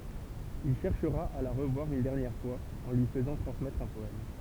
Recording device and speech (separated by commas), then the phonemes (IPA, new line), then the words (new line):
temple vibration pickup, read sentence
il ʃɛʁʃʁa a la ʁəvwaʁ yn dɛʁnjɛʁ fwaz ɑ̃ lyi fəzɑ̃ tʁɑ̃smɛtʁ œ̃ pɔɛm
Il cherchera à la revoir une dernière fois, en lui faisant transmettre un poème.